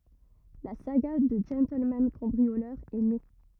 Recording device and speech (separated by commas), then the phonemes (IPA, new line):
rigid in-ear microphone, read sentence
la saɡa dy ʒɑ̃tlmɑ̃ kɑ̃bʁiolœʁ ɛ ne